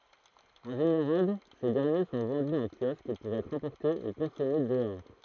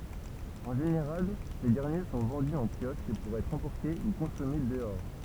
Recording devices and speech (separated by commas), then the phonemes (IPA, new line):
throat microphone, temple vibration pickup, read sentence
ɑ̃ ʒeneʁal se dɛʁnje sɔ̃ vɑ̃dy ɑ̃ kjɔsk puʁ ɛtʁ ɑ̃pɔʁte u kɔ̃sɔme dəɔʁ